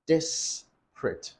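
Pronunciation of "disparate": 'Disparate' is pronounced correctly here.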